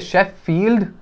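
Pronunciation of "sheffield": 'Sheffield' is pronounced incorrectly here.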